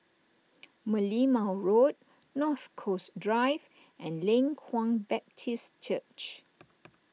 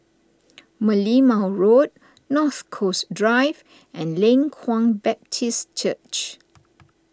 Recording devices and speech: mobile phone (iPhone 6), standing microphone (AKG C214), read sentence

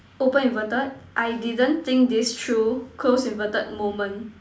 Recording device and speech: standing microphone, conversation in separate rooms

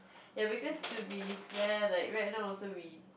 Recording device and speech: boundary microphone, conversation in the same room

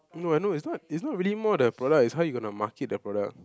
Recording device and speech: close-talking microphone, conversation in the same room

